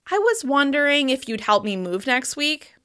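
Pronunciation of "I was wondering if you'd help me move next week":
The whole sentence is said with a wavy, questioning intonation, and that uncertain intonation lasts the entire sentence. It sounds hesitant about making the request.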